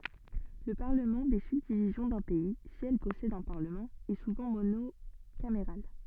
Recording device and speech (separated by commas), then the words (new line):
soft in-ear microphone, read sentence
Le parlement des subdivisions d'un pays, si elles possèdent un parlement, est souvent monocaméral.